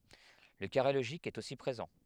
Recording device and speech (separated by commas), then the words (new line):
headset microphone, read sentence
Le carré logique est aussi présent.